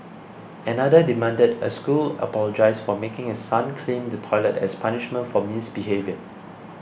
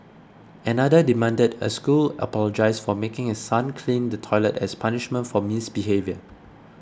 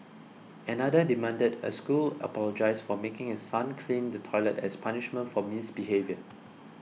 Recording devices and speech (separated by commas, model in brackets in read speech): boundary microphone (BM630), close-talking microphone (WH20), mobile phone (iPhone 6), read sentence